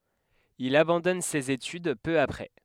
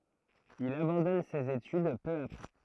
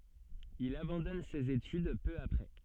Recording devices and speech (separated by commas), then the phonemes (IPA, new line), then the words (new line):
headset microphone, throat microphone, soft in-ear microphone, read sentence
il abɑ̃dɔn sez etyd pø apʁɛ
Il abandonne ses études peu après.